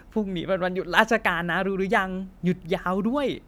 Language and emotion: Thai, happy